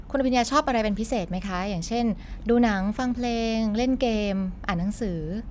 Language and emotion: Thai, neutral